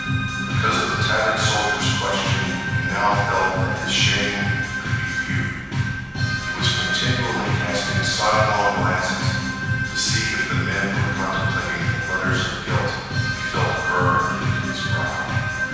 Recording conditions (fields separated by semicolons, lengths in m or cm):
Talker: one person; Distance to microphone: 7.1 m; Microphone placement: far; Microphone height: 1.7 m; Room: very reverberant, large; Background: music